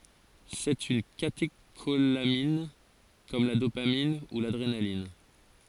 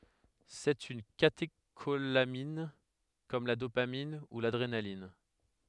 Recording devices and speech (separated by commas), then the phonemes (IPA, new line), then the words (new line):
forehead accelerometer, headset microphone, read sentence
sɛt yn kateʃolamin kɔm la dopamin u ladʁenalin
C'est une catécholamine comme la dopamine ou l'adrénaline.